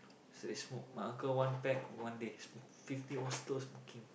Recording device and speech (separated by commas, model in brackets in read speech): boundary microphone, conversation in the same room